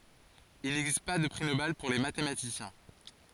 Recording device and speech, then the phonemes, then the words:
forehead accelerometer, read sentence
il nɛɡzist pa də pʁi nobɛl puʁ le matematisjɛ̃
Il n'existe pas de prix Nobel pour les mathématiciens.

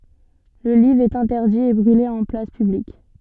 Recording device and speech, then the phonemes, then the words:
soft in-ear microphone, read sentence
lə livʁ ɛt ɛ̃tɛʁdi e bʁyle ɑ̃ plas pyblik
Le livre est interdit et brûlé en place publique.

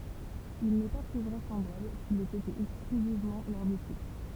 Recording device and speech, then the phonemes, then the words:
temple vibration pickup, read sentence
il nɛ pa ply vʁɛsɑ̃blabl kil ɛt ete ɛksklyzivmɑ̃ lœʁ disipl
Il n'est pas plus vraisemblable qu'il ait été exclusivement leur disciple.

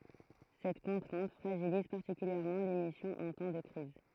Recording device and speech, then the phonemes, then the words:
throat microphone, read sentence
sɛt kɔ̃tʁɛ̃t fʁaʒiliz paʁtikyljɛʁmɑ̃ lemisjɔ̃ ɑ̃ tɑ̃ də kʁiz
Cette contrainte fragilise particulièrement l’émission en temps de crise.

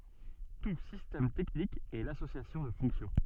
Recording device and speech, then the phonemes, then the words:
soft in-ear microphone, read sentence
tu sistɛm tɛknik ɛ lasosjasjɔ̃ də fɔ̃ksjɔ̃
Tout système technique est l'association de fonctions.

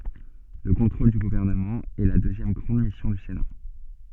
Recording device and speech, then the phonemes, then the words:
soft in-ear microphone, read sentence
lə kɔ̃tʁol dy ɡuvɛʁnəmɑ̃ ɛ la døzjɛm ɡʁɑ̃d misjɔ̃ dy sena
Le contrôle du gouvernement est la deuxième grande mission du Sénat.

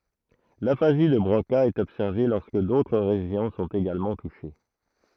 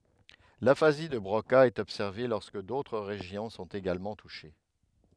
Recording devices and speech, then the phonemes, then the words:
throat microphone, headset microphone, read sentence
lafazi də bʁoka ɛt ɔbsɛʁve lɔʁskə dotʁ ʁeʒjɔ̃ sɔ̃t eɡalmɑ̃ tuʃe
L'aphasie de Broca est observée lorsque d'autres régions sont également touchées.

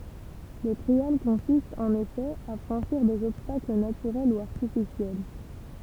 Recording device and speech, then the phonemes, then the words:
temple vibration pickup, read sentence
lə tʁial kɔ̃sist ɑ̃n efɛ a fʁɑ̃ʃiʁ dez ɔbstakl natyʁɛl u aʁtifisjɛl
Le trial consiste, en effet, à franchir des obstacles naturels ou artificiels.

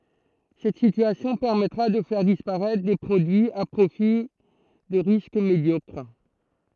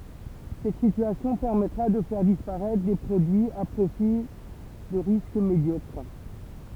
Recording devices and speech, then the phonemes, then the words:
throat microphone, temple vibration pickup, read sentence
sɛt sityasjɔ̃ pɛʁmɛtʁa də fɛʁ dispaʁɛtʁ de pʁodyiz a pʁofil də ʁisk medjɔkʁ
Cette situation permettra de faire disparaître des produits à profil de risque médiocre.

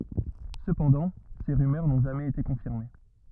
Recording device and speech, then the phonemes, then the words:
rigid in-ear microphone, read sentence
səpɑ̃dɑ̃ se ʁymœʁ nɔ̃ ʒamɛz ete kɔ̃fiʁme
Cependant, ces rumeurs n'ont jamais été confirmées.

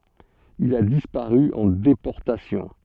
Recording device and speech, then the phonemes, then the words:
soft in-ear microphone, read sentence
il a dispaʁy ɑ̃ depɔʁtasjɔ̃
Il a disparu en déportation.

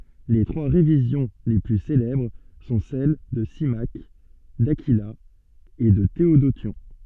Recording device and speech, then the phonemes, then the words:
soft in-ear microphone, read sentence
le tʁwa ʁevizjɔ̃ le ply selɛbʁ sɔ̃ sɛl də simak dakila e də teodosjɔ̃
Les trois révisions les plus célèbres sont celles de Symmaque, d'Aquila et de Théodotion.

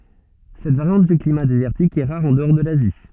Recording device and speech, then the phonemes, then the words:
soft in-ear microphone, read sentence
sɛt vaʁjɑ̃t dy klima dezɛʁtik ɛ ʁaʁ ɑ̃dɔʁ də lazi
Cette variante du climat désertique est rare en-dehors de l'Asie.

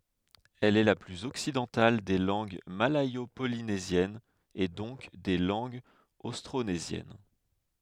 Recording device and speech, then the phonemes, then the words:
headset microphone, read sentence
ɛl ɛ la plyz ɔksidɑ̃tal de lɑ̃ɡ malɛjo polinezjɛnz e dɔ̃k de lɑ̃ɡz ostʁonezjɛn
Elle est la plus occidentale des langues malayo-polynésiennes et donc des langues austronésiennes.

